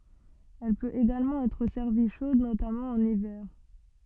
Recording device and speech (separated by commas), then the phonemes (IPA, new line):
soft in-ear microphone, read sentence
ɛl pøt eɡalmɑ̃ ɛtʁ sɛʁvi ʃod notamɑ̃ ɑ̃n ivɛʁ